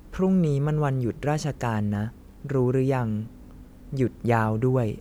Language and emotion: Thai, neutral